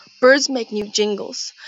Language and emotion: English, sad